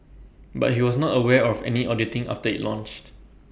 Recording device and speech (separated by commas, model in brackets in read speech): boundary microphone (BM630), read sentence